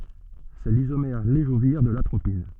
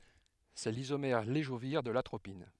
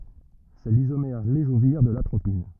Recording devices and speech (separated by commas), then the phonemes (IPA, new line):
soft in-ear microphone, headset microphone, rigid in-ear microphone, read sentence
sɛ lizomɛʁ levoʒiʁ də latʁopin